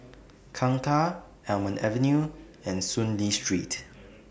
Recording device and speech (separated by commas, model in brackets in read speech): boundary microphone (BM630), read sentence